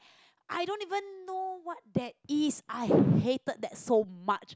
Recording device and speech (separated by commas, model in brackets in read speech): close-talking microphone, conversation in the same room